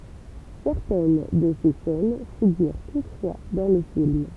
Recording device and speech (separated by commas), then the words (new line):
temple vibration pickup, read sentence
Certaines de ses scènes figurent toutefois dans le film.